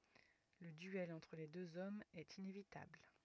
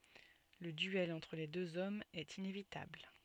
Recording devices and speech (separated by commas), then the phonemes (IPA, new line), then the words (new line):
rigid in-ear microphone, soft in-ear microphone, read sentence
lə dyɛl ɑ̃tʁ le døz ɔmz ɛt inevitabl
Le duel entre les deux hommes est inévitable.